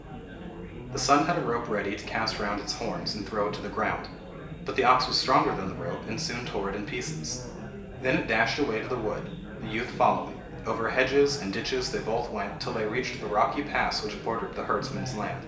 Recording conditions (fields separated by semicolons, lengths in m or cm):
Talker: one person; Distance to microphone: 1.8 m; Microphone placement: close; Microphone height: 1.0 m; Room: large; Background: babble